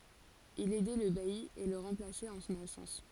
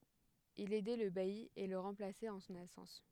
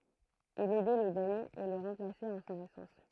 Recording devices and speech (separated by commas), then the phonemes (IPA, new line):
forehead accelerometer, headset microphone, throat microphone, read sentence
il ɛdɛ lə baji e lə ʁɑ̃plasɛt ɑ̃ sɔ̃n absɑ̃s